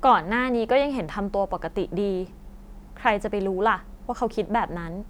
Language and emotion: Thai, neutral